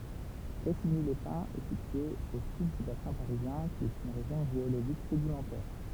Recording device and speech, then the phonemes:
temple vibration pickup, read sentence
pʁɛsiɲilɛspɛ̃z ɛ sitye o syd dy basɛ̃ paʁizjɛ̃ ki ɛt yn ʁeʒjɔ̃ ʒeoloʒik sedimɑ̃tɛʁ

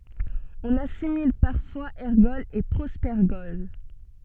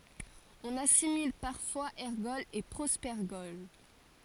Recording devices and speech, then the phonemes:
soft in-ear microphone, forehead accelerometer, read sentence
ɔ̃n asimil paʁfwaz ɛʁɡɔlz e pʁopɛʁɡɔl

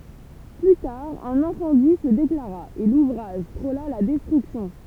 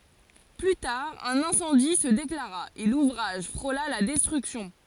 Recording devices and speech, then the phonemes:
temple vibration pickup, forehead accelerometer, read sentence
ply taʁ œ̃n ɛ̃sɑ̃di sə deklaʁa e luvʁaʒ fʁola la dɛstʁyksjɔ̃

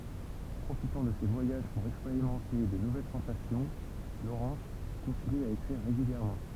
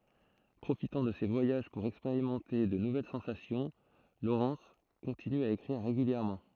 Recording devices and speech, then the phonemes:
temple vibration pickup, throat microphone, read sentence
pʁofitɑ̃ də se vwajaʒ puʁ ɛkspeʁimɑ̃te də nuvɛl sɑ̃sasjɔ̃ lowʁɛns kɔ̃tiny a ekʁiʁ ʁeɡyljɛʁmɑ̃

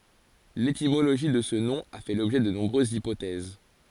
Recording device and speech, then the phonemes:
forehead accelerometer, read sentence
letimoloʒi də sə nɔ̃ a fɛ lɔbʒɛ də nɔ̃bʁøzz ipotɛz

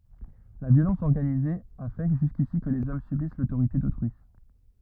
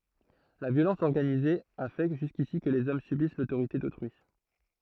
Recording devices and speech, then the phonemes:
rigid in-ear microphone, throat microphone, read sentence
la vjolɑ̃s ɔʁɡanize a fɛ ʒyskisi kə lez ɔm sybis lotoʁite dotʁyi

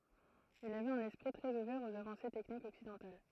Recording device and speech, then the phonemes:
throat microphone, read sentence
il avɛt œ̃n ɛspʁi tʁɛz uvɛʁ oz avɑ̃se tɛknikz ɔksidɑ̃tal

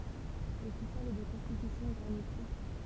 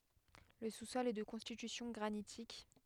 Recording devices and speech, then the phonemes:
temple vibration pickup, headset microphone, read sentence
lə su sɔl ɛ də kɔ̃stitysjɔ̃ ɡʁanitik

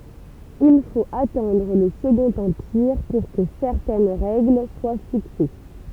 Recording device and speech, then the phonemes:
temple vibration pickup, read sentence
il fot atɑ̃dʁ lə səɡɔ̃t ɑ̃piʁ puʁ kə sɛʁtɛn ʁɛɡl swa fikse

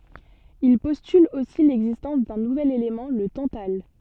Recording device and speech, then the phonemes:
soft in-ear microphone, read sentence
il pɔstyl osi lɛɡzistɑ̃s dœ̃ nuvɛl elemɑ̃ lə tɑ̃tal

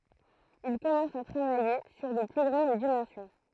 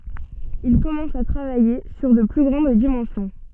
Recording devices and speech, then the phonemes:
throat microphone, soft in-ear microphone, read sentence
il kɔmɑ̃s a tʁavaje syʁ də ply ɡʁɑ̃d dimɑ̃sjɔ̃

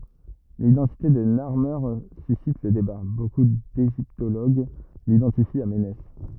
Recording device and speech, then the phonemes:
rigid in-ear microphone, read sentence
lidɑ̃tite də naʁme sysit lə deba boku deʒiptoloɡ lidɑ̃tifi a menɛs

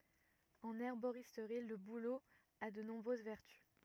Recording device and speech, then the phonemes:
rigid in-ear microphone, read sentence
ɑ̃n ɛʁboʁistʁi lə bulo a də nɔ̃bʁøz vɛʁty

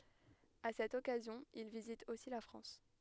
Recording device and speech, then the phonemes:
headset microphone, read sentence
a sɛt ɔkazjɔ̃ il vizit osi la fʁɑ̃s

